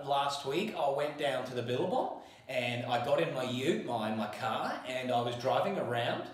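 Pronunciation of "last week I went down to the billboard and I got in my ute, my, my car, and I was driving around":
This is said in an Australian way, with an inquisitive tone: the tone goes up at the end, so the statement sounds like a question.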